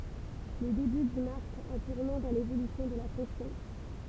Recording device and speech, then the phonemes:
temple vibration pickup, read sentence
lə deby dy maʁk œ̃ tuʁnɑ̃ dɑ̃ levolysjɔ̃ də la fɔ̃ksjɔ̃

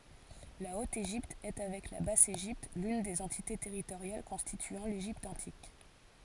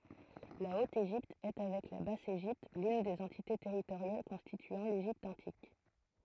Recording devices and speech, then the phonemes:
forehead accelerometer, throat microphone, read sentence
la ot eʒipt ɛ avɛk la bas eʒipt lyn de døz ɑ̃tite tɛʁitoʁjal kɔ̃stityɑ̃ leʒipt ɑ̃tik

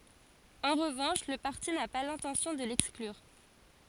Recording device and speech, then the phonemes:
forehead accelerometer, read sentence
ɑ̃ ʁəvɑ̃ʃ lə paʁti na pa lɛ̃tɑ̃sjɔ̃ də lɛksklyʁ

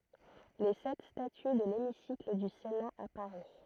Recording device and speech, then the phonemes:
throat microphone, read sentence
le sɛt staty də lemisikl dy sena a paʁi

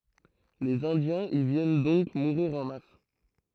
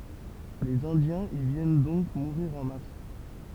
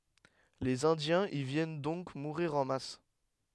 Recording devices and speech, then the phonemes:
throat microphone, temple vibration pickup, headset microphone, read sentence
lez ɛ̃djɛ̃z i vjɛn dɔ̃k muʁiʁ ɑ̃ mas

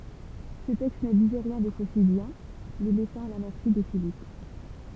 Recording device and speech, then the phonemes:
temple vibration pickup, read sentence
sə tɛkst nə dizɛ ʁjɛ̃ de fosidjɛ̃ le lɛsɑ̃ a la mɛʁsi də filip

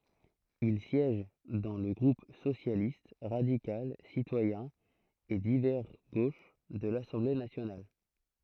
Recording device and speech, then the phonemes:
throat microphone, read sentence
il sjɛʒ dɑ̃ lə ɡʁup sosjalist ʁadikal sitwajɛ̃ e divɛʁ ɡoʃ də lasɑ̃ble nasjonal

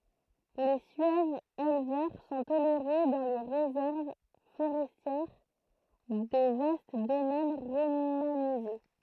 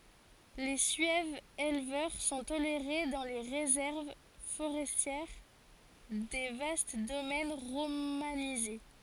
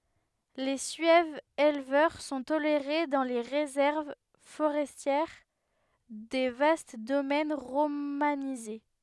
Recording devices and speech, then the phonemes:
throat microphone, forehead accelerometer, headset microphone, read sentence
le syɛvz elvœʁ sɔ̃ toleʁe dɑ̃ le ʁezɛʁv foʁɛstjɛʁ de vast domɛn ʁomanize

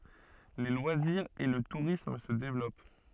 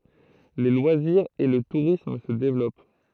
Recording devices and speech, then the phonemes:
soft in-ear microphone, throat microphone, read sentence
le lwaziʁz e lə tuʁism sə devlɔp

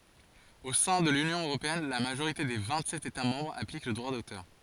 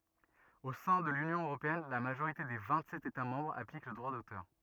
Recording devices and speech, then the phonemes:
forehead accelerometer, rigid in-ear microphone, read sentence
o sɛ̃ də lynjɔ̃ øʁopeɛn la maʒoʁite de vɛ̃tsɛt etamɑ̃bʁz aplik lə dʁwa dotœʁ

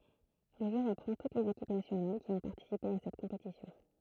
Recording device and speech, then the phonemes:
throat microphone, read sentence
lə ʒø ʁəpʁɑ̃ tut lez ekip nasjonal ki ɔ̃ paʁtisipe a sɛt kɔ̃petisjɔ̃

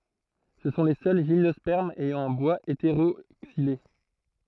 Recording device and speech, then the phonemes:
throat microphone, read sentence
sə sɔ̃ le sœl ʒimnɔspɛʁmz ɛjɑ̃ œ̃ bwaz eteʁoksile

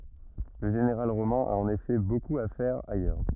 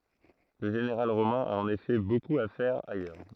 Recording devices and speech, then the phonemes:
rigid in-ear microphone, throat microphone, read sentence
lə ʒeneʁal ʁomɛ̃ a ɑ̃n efɛ bokup a fɛʁ ajœʁ

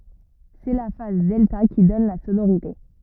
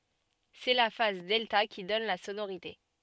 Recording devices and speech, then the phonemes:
rigid in-ear microphone, soft in-ear microphone, read sentence
sɛ la faz dɛlta ki dɔn la sonoʁite

